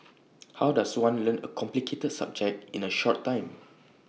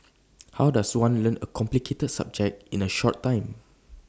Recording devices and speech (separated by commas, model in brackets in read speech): mobile phone (iPhone 6), standing microphone (AKG C214), read sentence